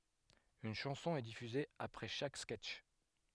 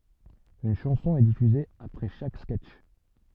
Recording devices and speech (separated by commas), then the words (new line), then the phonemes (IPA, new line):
headset microphone, soft in-ear microphone, read sentence
Une chanson est diffusée après chaque sketch.
yn ʃɑ̃sɔ̃ ɛ difyze apʁɛ ʃak skɛtʃ